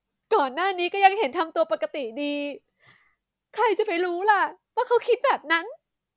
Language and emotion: Thai, sad